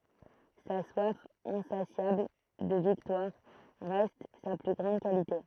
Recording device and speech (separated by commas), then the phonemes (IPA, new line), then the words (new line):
throat microphone, read sentence
sa swaf ɛ̃sasjabl də viktwaʁ ʁɛst sa ply ɡʁɑ̃d kalite
Sa soif insatiable de victoire reste sa plus grande qualité.